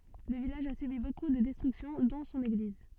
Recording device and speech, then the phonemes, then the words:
soft in-ear microphone, read sentence
lə vilaʒ a sybi boku də dɛstʁyksjɔ̃ dɔ̃ sɔ̃n eɡliz
Le village a subi beaucoup de destructions, dont son église.

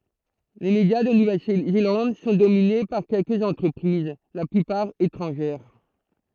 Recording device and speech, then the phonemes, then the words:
throat microphone, read sentence
le medja də nuvɛl zelɑ̃d sɔ̃ domine paʁ kɛlkəz ɑ̃tʁəpʁiz la plypaʁ etʁɑ̃ʒɛʁ
Les médias de Nouvelle-Zélande sont dominés par quelques entreprises, la plupart étrangères.

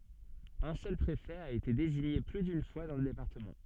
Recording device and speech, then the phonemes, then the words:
soft in-ear microphone, read sentence
œ̃ sœl pʁefɛ a ete deziɲe ply dyn fwa dɑ̃ lə depaʁtəmɑ̃
Un seul préfet a été désigné plus d’une fois dans le département.

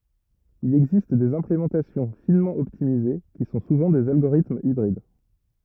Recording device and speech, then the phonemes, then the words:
rigid in-ear microphone, read sentence
il ɛɡzist dez ɛ̃plemɑ̃tasjɔ̃ finmɑ̃ ɔptimize ki sɔ̃ suvɑ̃ dez alɡoʁitmz ibʁid
Il existe des implémentations finement optimisées, qui sont souvent des algorithmes hybrides.

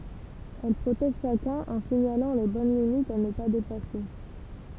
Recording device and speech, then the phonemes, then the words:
temple vibration pickup, read sentence
ɛl pʁotɛʒ ʃakœ̃n ɑ̃ siɲalɑ̃ le bɔn limitz a nə pa depase
Elle protège chacun en signalant les bonnes limites à ne pas dépasser.

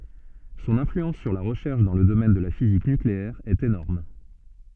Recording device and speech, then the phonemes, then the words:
soft in-ear microphone, read sentence
sɔ̃n ɛ̃flyɑ̃s syʁ la ʁəʃɛʁʃ dɑ̃ lə domɛn də la fizik nykleɛʁ ɛt enɔʁm
Son influence sur la recherche dans le domaine de la physique nucléaire est énorme.

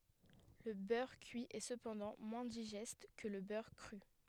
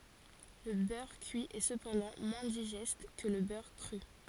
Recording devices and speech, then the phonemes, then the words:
headset microphone, forehead accelerometer, read sentence
lə bœʁ kyi ɛ səpɑ̃dɑ̃ mwɛ̃ diʒɛst kə lə bœʁ kʁy
Le beurre cuit est cependant moins digeste que le beurre cru.

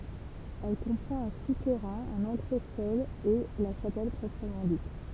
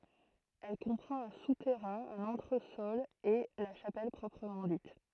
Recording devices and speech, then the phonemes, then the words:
temple vibration pickup, throat microphone, read sentence
ɛl kɔ̃pʁɑ̃t œ̃ sutɛʁɛ̃ œ̃n ɑ̃tʁəsɔl e la ʃapɛl pʁɔpʁəmɑ̃ dit
Elle comprend un souterrain, un entresol et la chapelle proprement dite.

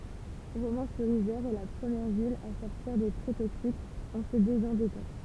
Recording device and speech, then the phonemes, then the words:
temple vibration pickup, read sentence
ʁomɑ̃syʁizɛʁ ɛ la pʁəmjɛʁ vil a sɔʁtiʁ de pʁɛ toksikz ɑ̃ sə dezɑ̃dɛtɑ̃
Romans-sur-Isère est la première ville à sortir des prêts toxiques en se désendettant.

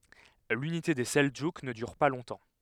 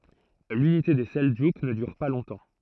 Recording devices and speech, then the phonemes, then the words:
headset microphone, throat microphone, read sentence
lynite de sɛldʒuk nə dyʁ pa lɔ̃tɑ̃
L'unité des Seldjouks ne dure pas longtemps.

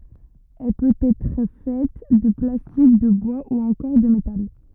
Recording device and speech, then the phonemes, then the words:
rigid in-ear microphone, read sentence
ɛl pøt ɛtʁ fɛt də plastik də bwa u ɑ̃kɔʁ də metal
Elle peut être faite de plastique, de bois ou encore de métal.

